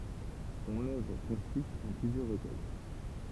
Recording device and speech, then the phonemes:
temple vibration pickup, read sentence
sɔ̃n œvʁ kɔ̃sist ɑ̃ plyzjœʁ ʁəkœj

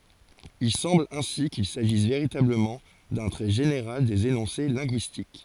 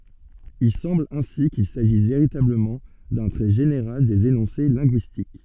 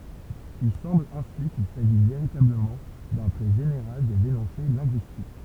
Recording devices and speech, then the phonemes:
forehead accelerometer, soft in-ear microphone, temple vibration pickup, read sentence
il sɑ̃bl ɛ̃si kil saʒis veʁitabləmɑ̃ dœ̃ tʁɛ ʒeneʁal dez enɔ̃se lɛ̃ɡyistik

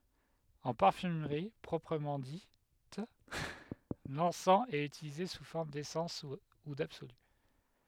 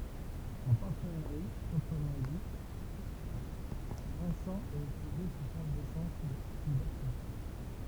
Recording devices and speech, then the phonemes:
headset microphone, temple vibration pickup, read sentence
ɑ̃ paʁfymʁi pʁɔpʁəmɑ̃ dit lɑ̃sɑ̃ ɛt ytilize su fɔʁm desɑ̃s u dabsoly

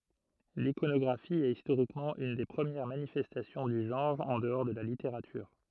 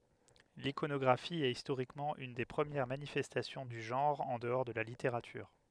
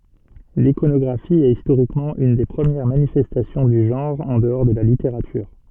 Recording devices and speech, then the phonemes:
throat microphone, headset microphone, soft in-ear microphone, read sentence
likonɔɡʁafi ɛt istoʁikmɑ̃ yn de pʁəmjɛʁ manifɛstasjɔ̃ dy ʒɑ̃ʁ ɑ̃ dəɔʁ də la liteʁatyʁ

